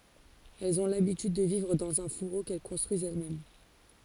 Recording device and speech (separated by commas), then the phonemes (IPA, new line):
forehead accelerometer, read sentence
ɛlz ɔ̃ labityd də vivʁ dɑ̃z œ̃ fuʁo kɛl kɔ̃stʁyizt ɛlɛsmɛm